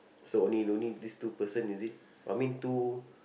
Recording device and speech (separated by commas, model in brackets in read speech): boundary microphone, conversation in the same room